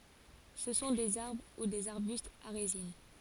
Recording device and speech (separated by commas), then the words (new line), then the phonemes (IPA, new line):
forehead accelerometer, read sentence
Ce sont des arbres ou des arbustes à résine.
sə sɔ̃ dez aʁbʁ u dez aʁbystz a ʁezin